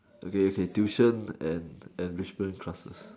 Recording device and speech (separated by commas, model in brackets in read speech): standing microphone, conversation in separate rooms